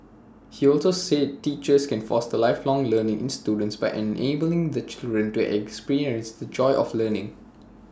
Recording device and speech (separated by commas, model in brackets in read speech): standing microphone (AKG C214), read sentence